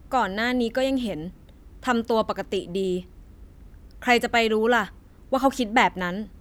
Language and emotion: Thai, frustrated